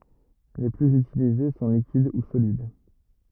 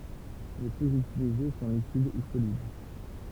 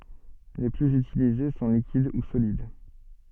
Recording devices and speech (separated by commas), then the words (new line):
rigid in-ear microphone, temple vibration pickup, soft in-ear microphone, read sentence
Les plus utilisés sont liquides ou solides.